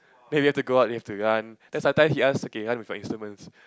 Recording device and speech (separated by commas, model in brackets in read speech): close-talking microphone, conversation in the same room